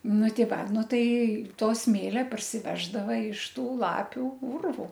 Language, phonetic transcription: Lithuanian, ˈnu ˈti ˈva ˈnu ˈtai ˈto ˈsmėlia parsiˈveždava iš ˈtų ˈlapių ˈurvu

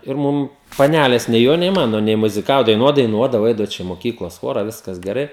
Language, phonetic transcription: Lithuanian, ir ˈmum paˈnælės nei ˈjo nei ˈmano nei muziˈkavo daiˈnuot daiˈnuodavo ˈaidavo ˈčia i moˈkyklos ˈchora ˈviskas geˈrai

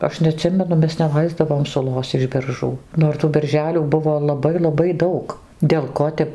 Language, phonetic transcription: Lithuanian, ˈaš neaˈtsimenu ˈmes neˈlaisdavom suˈlos iš berˈžų nor ˈtų berˈželių ˈbuvo laˈbai laˈbai ˈdaug dėl ˈko tep

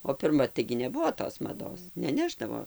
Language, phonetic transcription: Lithuanian, o pirˈma taigi neˈbuvo tos maˈdos neˈnešdavo

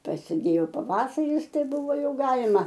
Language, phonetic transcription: Lithuanian, prasiˈdėjo paˈvasaris ˈtai ˈbuvo ˈjau ˈgalima

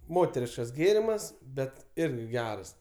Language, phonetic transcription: Lithuanian, ˈmoteriškas ˈgėrimas ˈbet ˈirgi ˈgeras

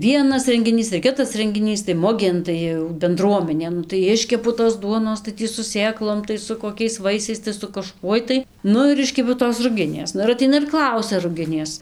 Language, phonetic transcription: Lithuanian, ˈvienas rengiˈnys ir ˈkitas rengiˈnys tai ˈmugėn tai jau benˈdruomenė ˈnu tai ˈiškepu tos ˈduonos tai ˈtį su ˈsėklom tai su koˈkiais ˈvaisiais tai su kaˈžkuoj tai ˈnu ir ˈiškepiau tos ruˈginės ˈnu ir aˈteina ir ˈklausia ruˈginės

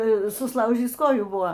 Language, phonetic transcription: Lithuanian, susˈlaužįs ˈkojų ˈbuvo

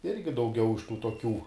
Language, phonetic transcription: Lithuanian, ˈirgi dauˈgiau iš tų toˈkių

